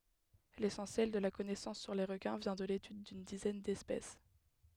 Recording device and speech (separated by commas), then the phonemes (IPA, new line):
headset microphone, read sentence
lesɑ̃sjɛl də la kɔnɛsɑ̃s syʁ le ʁəkɛ̃ vjɛ̃ də letyd dyn dizɛn dɛspɛs